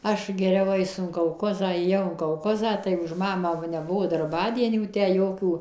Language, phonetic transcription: Lithuanian, ˈaš geˈriau ˈaisu in kolˈkozą ėˈjau in kolˈkozą tai už ˈmamą ˈva neˈbuvo darˈbadienių ˈtę ˈjokių

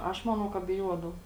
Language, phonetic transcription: Lithuanian, ˈaš ˈmanau ka biˈjuodau

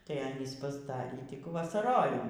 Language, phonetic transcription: Lithuanian, tai ˈanys pasˈdarį ˈtik vasaˈrojimui

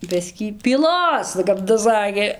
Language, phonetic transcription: Lithuanian, ˈbiskį pyˈlos kap tas ˈsakė

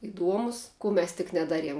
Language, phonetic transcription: Lithuanian, iˈduomus ˈkų mes tik neˈdaˌriem

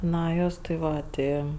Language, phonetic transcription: Lithuanian, ˈna ˈjos ti ˈva ˈti

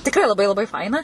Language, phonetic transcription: Lithuanian, tikˈrai laˈbai laˈbai ˈfaina

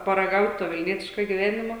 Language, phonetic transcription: Lithuanian, paraˈgaut' to vilˈnietiško giˈvenimo

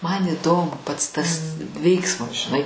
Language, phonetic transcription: Lithuanian, man iˈdomu pats tas ˈveiksmas žiˈnai

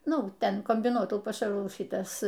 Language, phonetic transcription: Lithuanian, ˈnu ˈten kombiˈnuotųjų paˈšarų ˈšytas

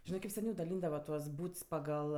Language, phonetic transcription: Lithuanian, ˈžinɜ kaip seˈniau daˈlyndava tuos ˈbūts paˈgal

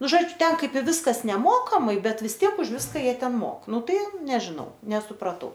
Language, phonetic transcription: Lithuanian, ˈnu ˈžodžiu ˈten ˈkaip i ˈviskas neˈmokamai ˈbet vis ˈtiek už ˈviska ˈjie ˈten ˈmok ˈnu ˈtai ˈnežinau nesupraˈtau

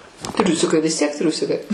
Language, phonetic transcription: Lithuanian, ˈtriusikai vis tiek ˈtriusikai

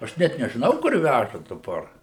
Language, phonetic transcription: Lithuanian, aš ˈnet nežiˈnau kur ˈvæža daˈbar

